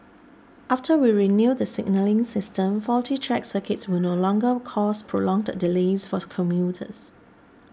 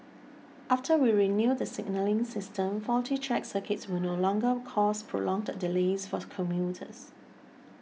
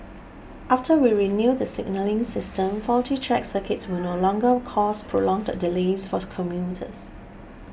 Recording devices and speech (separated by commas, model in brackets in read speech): standing microphone (AKG C214), mobile phone (iPhone 6), boundary microphone (BM630), read sentence